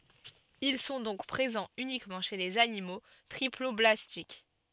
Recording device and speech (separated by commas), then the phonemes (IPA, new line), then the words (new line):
soft in-ear microphone, read sentence
il sɔ̃ dɔ̃k pʁezɑ̃z ynikmɑ̃ ʃe lez animo tʁiplɔblastik
Ils sont donc présents uniquement chez les animaux triploblastiques.